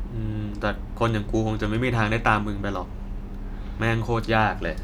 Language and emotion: Thai, frustrated